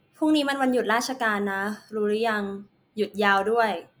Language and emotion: Thai, neutral